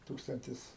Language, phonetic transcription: Lithuanian, ˈtūkstantis

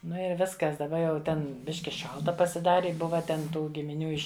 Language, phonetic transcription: Lithuanian, ˈnu ir ˈviskas daˈba jau ˈten ˈbiški ˈšalta pasiˈdari ˈbuva ten ˈtų gimiˈnių ˈiš'

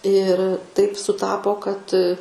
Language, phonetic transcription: Lithuanian, ir taip suˈtapo kad

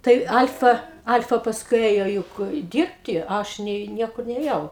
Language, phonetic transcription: Lithuanian, ˈtai ˈal'fa ˈal'fa pasˈkui ˈėjo ˈjuk ˈdyrbti ˈaš nei ˈniekur nėˈjau

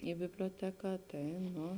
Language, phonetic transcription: Lithuanian, i biblioˈteką ˈtai ˈnu

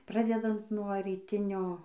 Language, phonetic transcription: Lithuanian, ˈpradedant nuo ryˈtinio

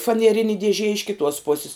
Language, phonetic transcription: Lithuanian, fanieˈrini dieˈžie iš kiˈtuos ˈposis

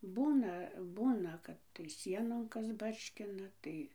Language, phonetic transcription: Lithuanian, ˈbūna ˈbūna ˈkad tai ˈsienon ˈkas ˈbarškina ˈtai

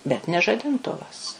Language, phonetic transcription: Lithuanian, bet ne žadinˈtuvas

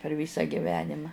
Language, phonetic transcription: Lithuanian, per ˈvysa giˈvenima

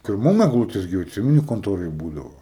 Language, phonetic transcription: Lithuanian, tai ir ˈmum egˈlūtės gi jau atˈsimeni konˈtoroj ˈbūdavo

